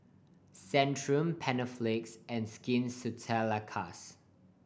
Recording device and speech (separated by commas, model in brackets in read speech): boundary microphone (BM630), read sentence